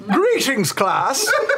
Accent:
exaggerated posh accent